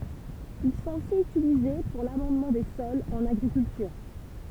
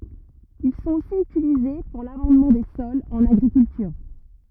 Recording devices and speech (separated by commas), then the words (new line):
temple vibration pickup, rigid in-ear microphone, read sentence
Ils sont aussi utilisés pour l'amendement des sols, en agriculture.